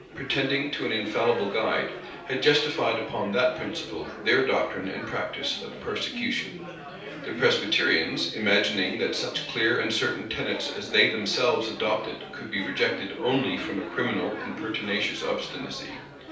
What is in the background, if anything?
Crowd babble.